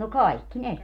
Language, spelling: Finnish, no kaikki ne
- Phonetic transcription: no "kaikki "ne .

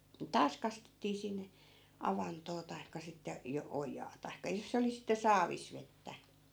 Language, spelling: Finnish, taas kastettiin sinne avantoon tai sitten - ojaa tai jos se oli sitten saavissa vettä
- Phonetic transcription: 'taas kastettii sinne , 'avantoo tai̮kka sitte , 'jo- , "ojaa tai̮kka 'jos se oli sitte 'saavis vettä .

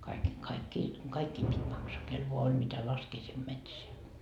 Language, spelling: Finnish, kaikki kaikkia kaikkien piti maksaa kenellä vain oli mitä laskea sinne metsään
- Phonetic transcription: kaikki , 'kaikkii , 'kaikkiim pit́ maksaa , kel 'voa oĺ mitä "laskee sim 'metseä .

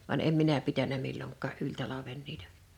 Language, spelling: Finnish, vaan en minä pitänyt milloinkaan yli talven niitä
- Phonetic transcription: van 'em "minä pitänä 'milloŋk̀aa’ '’yĺ 'talaven niitᴀ̈ .

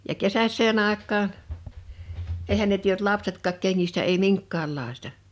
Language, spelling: Finnish, ja kesäiseen aikaan eihän ne tiennyt lapsetkaan kengistä ei minkäänlaista
- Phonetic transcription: ja 'kesäs̆see'n ‿àek̆kaan , 'ehä ne tienʸt 'lapsetkaak 'keŋŋistä ei "miŋkka̳a̳llàesta .

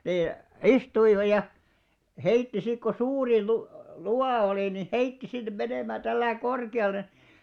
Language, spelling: Finnish, niin istuivat ja heitti sitten kun suuri - luuva oli niin heitti sinne menemään tällä lailla korkealle
- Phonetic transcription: nii , "istuiva ja , "heitti sik ko 'suuri lu- , "luwà olì ni , "heitti 'sin 'menèmää täl̆§läi "korke₍al̆le .

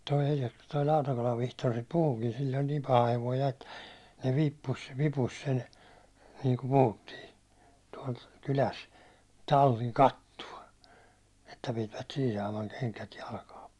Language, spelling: Finnish, tuo - tuo Lautakolan Vihtori sitä puhuikin sillä oli niin paha hevonen ja että ne - vipusi sen niin kuin puhuttiin tuolla kylässä tallin kattoon että pitivät siinä saaman kengät jalkaan
- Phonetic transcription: toi E1jaks- , toi 'Lautakolav 'Vihtor sit 'puhukin sil oĺ niim "paha 'hevoij ja ettᴀ̈ , ne viippus- , 'vipus sen , niiŋku 'puhuttii , tuål 'kyläs , 'talliŋ "kattuå , että pitivät 'siin̬ saamaŋ 'keŋkät 'jalkaa .

